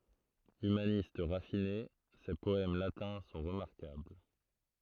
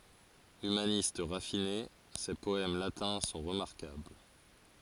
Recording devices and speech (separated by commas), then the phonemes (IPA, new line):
throat microphone, forehead accelerometer, read sentence
ymanist ʁafine se pɔɛm latɛ̃ sɔ̃ ʁəmaʁkabl